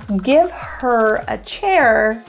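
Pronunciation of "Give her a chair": In 'Give her a chair', 'her' sounds more like 'er', without the h.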